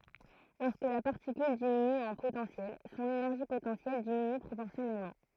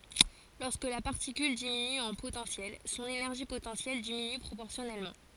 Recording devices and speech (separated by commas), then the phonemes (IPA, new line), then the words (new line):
throat microphone, forehead accelerometer, read sentence
lɔʁskə la paʁtikyl diminy ɑ̃ potɑ̃sjɛl sɔ̃n enɛʁʒi potɑ̃sjɛl diminy pʁopɔʁsjɔnɛlmɑ̃
Lorsque la particule diminue en potentiel, son énergie potentielle diminue proportionnellement.